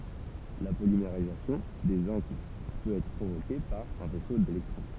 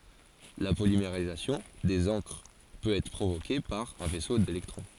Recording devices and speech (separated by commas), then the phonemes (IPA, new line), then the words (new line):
temple vibration pickup, forehead accelerometer, read sentence
la polimeʁizasjɔ̃ dez ɑ̃kʁ pøt ɛtʁ pʁovoke paʁ œ̃ fɛso delɛktʁɔ̃
La polymérisation des encres peut être provoquée par un faisceau d'électrons.